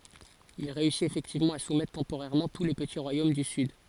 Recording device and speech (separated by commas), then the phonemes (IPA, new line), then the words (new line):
forehead accelerometer, read sentence
il ʁeysit efɛktivmɑ̃ a sumɛtʁ tɑ̃poʁɛʁmɑ̃ tu le pəti ʁwajom dy syd
Il réussit effectivement à soumettre temporairement tous les petits royaumes du sud.